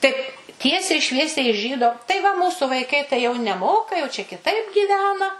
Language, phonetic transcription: Lithuanian, ˈtaip ˈtiesiai ˈšviesiai iš ˈžydo tai va ˈmūsu vaiˈkai tai jau neˈmoka jau čia kiˈtaip gyˈvena

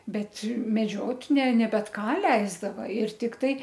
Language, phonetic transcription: Lithuanian, ˈbet meˈdžiot' ne ne ˈbet ˈką ˈleisdava ir tikˈtai

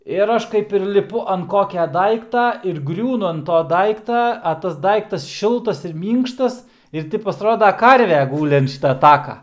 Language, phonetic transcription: Lithuanian, ir ˈaš kaip ir liˈpu ant ˈkokia ˈdaikta ir ˈgriūnu ant ˈto ˈdaikta a ˈtas ˈdaiktas ˈšiltas ir ˈmynkštas ir ˈti pasˈroda ˈkarve ˈgūli ant ˈšyta ˈtaka

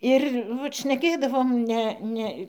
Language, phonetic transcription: Lithuanian, ir ˈvat šneˈkėdavom ˈne ˈne

